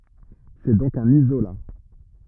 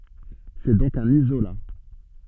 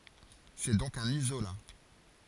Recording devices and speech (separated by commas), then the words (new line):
rigid in-ear microphone, soft in-ear microphone, forehead accelerometer, read sentence
C'est donc un isolat.